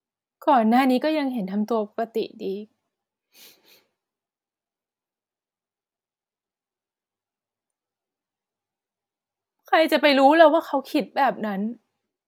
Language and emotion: Thai, sad